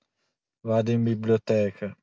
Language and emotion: Italian, sad